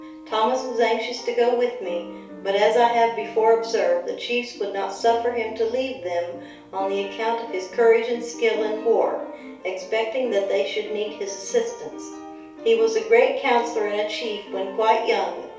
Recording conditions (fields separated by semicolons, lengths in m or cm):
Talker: one person; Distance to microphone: 3.0 m; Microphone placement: far; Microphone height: 1.8 m; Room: small (3.7 m by 2.7 m); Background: music